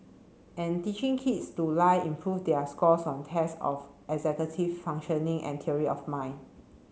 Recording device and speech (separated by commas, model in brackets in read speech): mobile phone (Samsung C7), read sentence